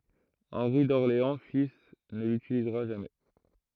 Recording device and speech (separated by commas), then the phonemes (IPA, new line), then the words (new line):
throat microphone, read sentence
ɑ̃ʁi dɔʁleɑ̃ fil nə lytilizʁa ʒamɛ
Henri d'Orléans fils ne l'utilisera jamais.